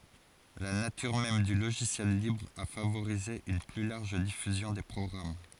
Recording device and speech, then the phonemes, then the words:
forehead accelerometer, read sentence
la natyʁ mɛm dy loʒisjɛl libʁ a favoʁize yn ply laʁʒ difyzjɔ̃ de pʁɔɡʁam
La nature même du logiciel libre a favorisé une plus large diffusion des programmes.

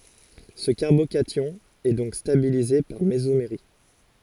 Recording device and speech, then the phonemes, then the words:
forehead accelerometer, read sentence
sə kaʁbokasjɔ̃ ɛ dɔ̃k stabilize paʁ mezomeʁi
Ce carbocation est donc stabilisé par mésomérie.

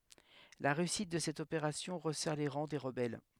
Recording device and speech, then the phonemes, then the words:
headset microphone, read sentence
la ʁeysit də sɛt opeʁasjɔ̃ ʁəsɛʁ le ʁɑ̃ de ʁəbɛl
La réussite de cette opération resserre les rangs des rebelles.

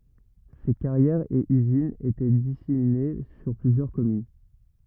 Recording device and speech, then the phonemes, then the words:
rigid in-ear microphone, read sentence
se kaʁjɛʁz e yzinz etɛ disemine syʁ plyzjœʁ kɔmyn
Ces carrières et usines étaient disséminées sur plusieurs communes.

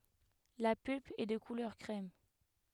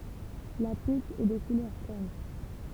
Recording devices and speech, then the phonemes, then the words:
headset microphone, temple vibration pickup, read sentence
la pylp ɛ də kulœʁ kʁɛm
La pulpe est de couleur crème.

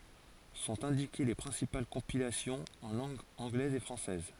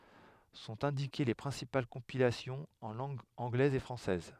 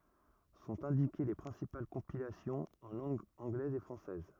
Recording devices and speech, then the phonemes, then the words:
forehead accelerometer, headset microphone, rigid in-ear microphone, read sentence
sɔ̃t ɛ̃dike le pʁɛ̃sipal kɔ̃pilasjɔ̃z ɑ̃ lɑ̃ɡ ɑ̃ɡlɛz e fʁɑ̃sɛz
Sont indiquées les principales compilations en langue anglaise et française.

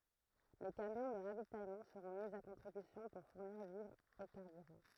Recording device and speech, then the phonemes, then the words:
throat microphone, read sentence
le kamjɔ̃ də ʁavitajmɑ̃ səʁɔ̃ mi a kɔ̃tʁibysjɔ̃ puʁ fuʁniʁ vivʁz e kaʁbyʁɑ̃
Les camions de ravitaillement seront mis à contribution pour fournir vivres et carburant.

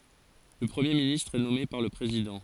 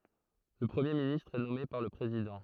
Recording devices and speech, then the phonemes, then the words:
forehead accelerometer, throat microphone, read sentence
lə pʁəmje ministʁ ɛ nɔme paʁ lə pʁezidɑ̃
Le Premier ministre est nommé par le Président.

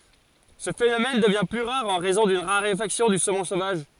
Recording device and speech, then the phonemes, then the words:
forehead accelerometer, read sentence
sə fenomɛn dəvjɛ̃ ply ʁaʁ ɑ̃ ʁɛzɔ̃ dyn ʁaʁefaksjɔ̃ dy somɔ̃ sovaʒ
Ce phénomène devient plus rare en raison d'une raréfaction du saumon sauvage.

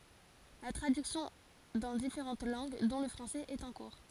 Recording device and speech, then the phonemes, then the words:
forehead accelerometer, read sentence
la tʁadyksjɔ̃ dɑ̃ difeʁɑ̃t lɑ̃ɡ dɔ̃ lə fʁɑ̃sɛz ɛt ɑ̃ kuʁ
La traduction dans différentes langues, dont le français, est en cours.

